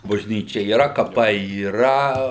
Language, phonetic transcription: Lithuanian, bažˈnyčia yˈra kaˈpai yˈra

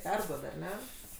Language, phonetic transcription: Lithuanian, ˈperduod ar ˈne

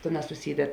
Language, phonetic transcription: Lithuanian, ˈtėˌnās suˈsyded

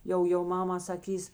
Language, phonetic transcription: Lithuanian, ˈjau jau ˈmama saˈkys

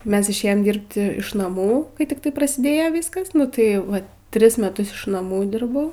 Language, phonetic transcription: Lithuanian, ˈmes išˈėjom ˈdyrbt iš naˈmų kai tikˈtai prasiˈdėjo ˈvyskas nu ˈtai ˈva ˈtris meˈtus iš naˈmų ˈdirbau

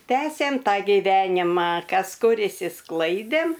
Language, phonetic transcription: Lithuanian, ˈtęsėm ˈtą giˈvenima ˈkas ˈkur išsiˈsklaidėm

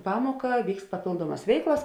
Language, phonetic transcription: Lithuanian, ˈpamuoka ˈvykst paˈpėlduomas ˈveiklas

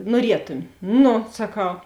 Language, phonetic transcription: Lithuanian, nuoˈrietumi ˈnu saˈkau

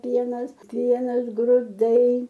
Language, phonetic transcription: Lithuanian, ˈpienas ˈpienas gruˈdai

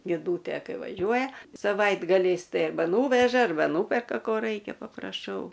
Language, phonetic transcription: Lithuanian, niˈdūtė ˈkai vaˈžiuoja saˈvaitgaliais ˈtai arˈba ˈnūveža arˈba ˈnūperka ˈko ˈraikia papraˈšau

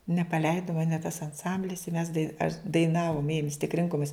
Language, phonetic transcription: Lithuanian, nepaˈleidu ˈmane tas anˈsamblis i mes dai aš daiˈnavum ˈėjum vis tik ˈrinkomis

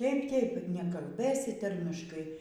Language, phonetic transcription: Lithuanian, ˈtėip ˈtėip nekalˈbėsi ˈtarmiškai

